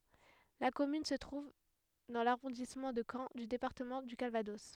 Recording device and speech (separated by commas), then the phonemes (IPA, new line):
headset microphone, read sentence
la kɔmyn sə tʁuv dɑ̃ laʁɔ̃dismɑ̃ də kɑ̃ dy depaʁtəmɑ̃ dy kalvadɔs